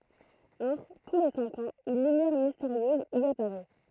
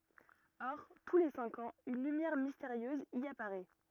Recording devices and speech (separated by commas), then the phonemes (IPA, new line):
throat microphone, rigid in-ear microphone, read sentence
ɔʁ tu le sɛ̃k ɑ̃z yn lymjɛʁ misteʁjøz i apaʁɛ